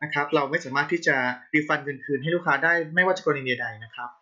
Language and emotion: Thai, neutral